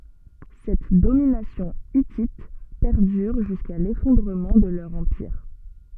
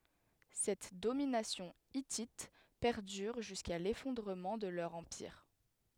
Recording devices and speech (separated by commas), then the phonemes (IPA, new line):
soft in-ear microphone, headset microphone, read sentence
sɛt dominasjɔ̃ itit pɛʁdyʁ ʒyska lefɔ̃dʁəmɑ̃ də lœʁ ɑ̃piʁ